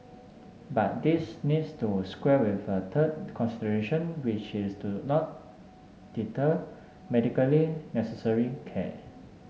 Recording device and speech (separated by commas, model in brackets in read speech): mobile phone (Samsung S8), read sentence